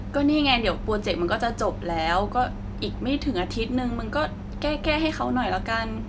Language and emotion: Thai, frustrated